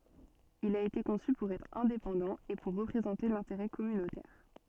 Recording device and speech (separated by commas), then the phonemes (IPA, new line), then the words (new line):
soft in-ear microphone, read sentence
il a ete kɔ̃sy puʁ ɛtʁ ɛ̃depɑ̃dɑ̃ e puʁ ʁəpʁezɑ̃te lɛ̃teʁɛ kɔmynotɛʁ
Il a été conçu pour être indépendant et pour représenter l'intérêt communautaire.